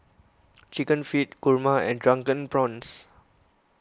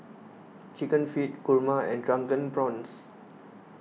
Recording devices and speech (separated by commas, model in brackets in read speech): close-talking microphone (WH20), mobile phone (iPhone 6), read sentence